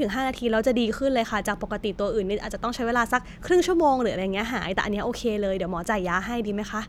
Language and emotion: Thai, neutral